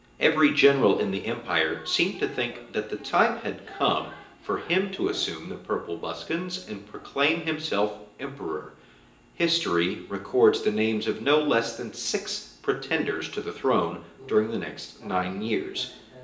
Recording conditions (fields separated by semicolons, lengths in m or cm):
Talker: one person; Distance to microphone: 1.8 m; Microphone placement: close; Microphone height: 1.0 m; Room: large; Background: television